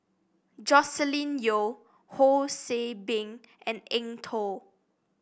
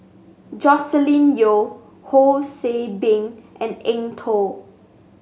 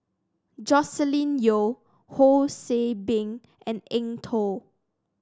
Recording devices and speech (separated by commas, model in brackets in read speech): boundary microphone (BM630), mobile phone (Samsung S8), standing microphone (AKG C214), read sentence